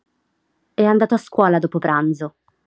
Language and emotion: Italian, neutral